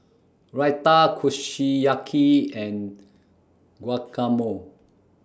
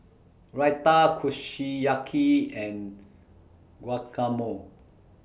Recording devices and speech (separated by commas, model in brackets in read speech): standing microphone (AKG C214), boundary microphone (BM630), read sentence